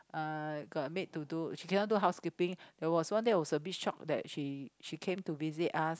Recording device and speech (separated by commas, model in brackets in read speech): close-talking microphone, conversation in the same room